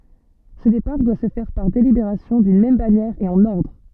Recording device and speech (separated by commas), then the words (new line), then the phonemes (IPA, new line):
soft in-ear microphone, read sentence
Ce départ doit se faire par délibération d'une même bannière et en ordre.
sə depaʁ dwa sə fɛʁ paʁ delibeʁasjɔ̃ dyn mɛm banjɛʁ e ɑ̃n ɔʁdʁ